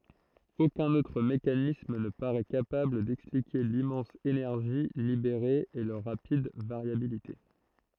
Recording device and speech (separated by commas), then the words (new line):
throat microphone, read sentence
Aucun autre mécanisme ne parait capable d’expliquer l’immense énergie libérée et leur rapide variabilité.